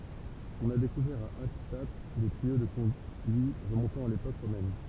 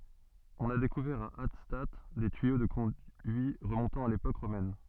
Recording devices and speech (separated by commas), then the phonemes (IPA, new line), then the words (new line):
temple vibration pickup, soft in-ear microphone, read sentence
ɔ̃n a dekuvɛʁ a atstat de tyijo də kɔ̃dyi ʁəmɔ̃tɑ̃ a lepok ʁomɛn
On a découvert à Hattstatt des tuyaux de conduits remontant à l'époque romaine.